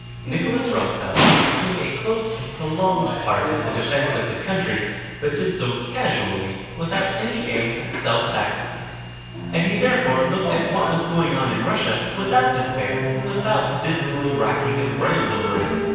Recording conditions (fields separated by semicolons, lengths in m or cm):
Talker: one person; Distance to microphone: 7.1 m; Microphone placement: far; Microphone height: 1.7 m; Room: very reverberant, large; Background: television